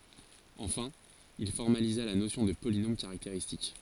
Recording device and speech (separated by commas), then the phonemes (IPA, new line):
forehead accelerometer, read sentence
ɑ̃fɛ̃ il fɔʁmaliza la nosjɔ̃ də polinom kaʁakteʁistik